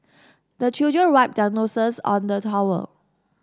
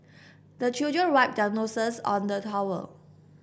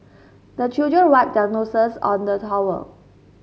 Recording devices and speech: standing microphone (AKG C214), boundary microphone (BM630), mobile phone (Samsung S8), read sentence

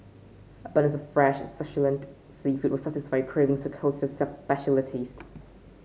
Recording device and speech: mobile phone (Samsung C5), read sentence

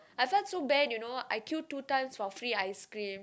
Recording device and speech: close-talking microphone, conversation in the same room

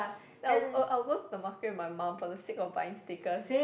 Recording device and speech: boundary microphone, conversation in the same room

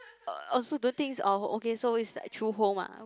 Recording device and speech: close-talking microphone, conversation in the same room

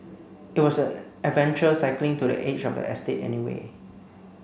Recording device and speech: mobile phone (Samsung C9), read sentence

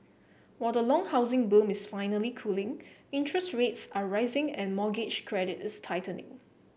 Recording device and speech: boundary microphone (BM630), read sentence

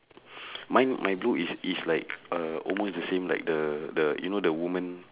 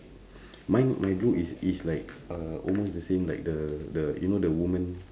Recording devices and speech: telephone, standing microphone, conversation in separate rooms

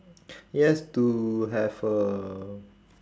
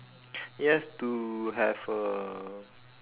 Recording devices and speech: standing microphone, telephone, conversation in separate rooms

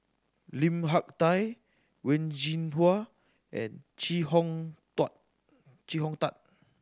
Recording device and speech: standing microphone (AKG C214), read sentence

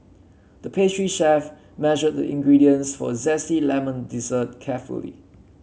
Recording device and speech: mobile phone (Samsung C7), read sentence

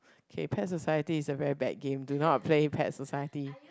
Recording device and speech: close-talking microphone, conversation in the same room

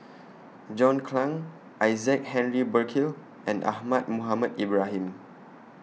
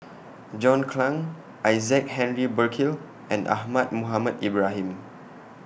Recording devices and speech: mobile phone (iPhone 6), boundary microphone (BM630), read sentence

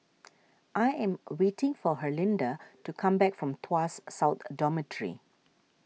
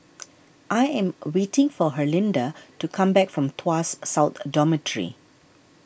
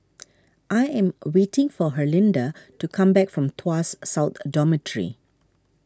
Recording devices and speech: mobile phone (iPhone 6), boundary microphone (BM630), standing microphone (AKG C214), read sentence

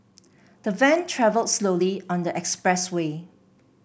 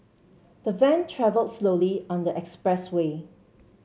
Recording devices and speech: boundary microphone (BM630), mobile phone (Samsung C7), read sentence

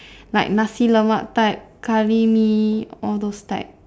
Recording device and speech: standing microphone, conversation in separate rooms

